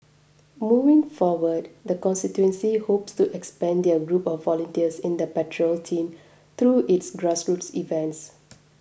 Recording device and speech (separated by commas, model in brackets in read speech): boundary microphone (BM630), read sentence